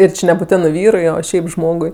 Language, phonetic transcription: Lithuanian, ir ˈči nebūˈtenɜ ˈvyrui o ˈšiaip ˈžmogui

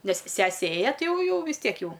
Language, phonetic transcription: Lithuanian, ˈnes ˈsese ˈėja ˈti ˈjau ˈjau vis ˈtiek ˈjau

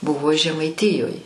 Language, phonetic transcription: Lithuanian, ˈbuvo žemaiˈtyjoj

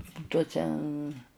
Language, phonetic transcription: Lithuanian, ˈtuose

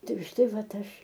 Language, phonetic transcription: Lithuanian, ˈtai už ˈtai ˈvat ˈaš

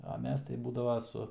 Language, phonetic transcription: Lithuanian, a ˈmes tai ˈbūdavo ˈsu

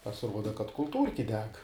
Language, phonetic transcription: Lithuanian, pasiˈruoda kad kulˈtūrki ˈdeg

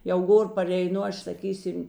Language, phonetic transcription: Lithuanian, jau ˈgor pareiˈnu ˈaš saˈkysim

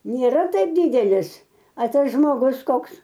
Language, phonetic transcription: Lithuanian, nėˈra ˈtaip ˈdydelis a ˈtas žmoˈgus ˈkoks

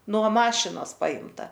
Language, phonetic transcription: Lithuanian, nuo ˈmašinos ˈpaimta

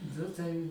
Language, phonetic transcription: Lithuanian, ˈnu tai

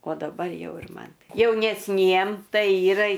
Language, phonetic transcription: Lithuanian, o daˈbar ˈjau ir ˈman jaunesˈniem ˈtai ˈyra i

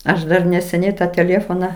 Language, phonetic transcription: Lithuanian, ˈaš dar neseˈniai ˈtą teˈlėfona

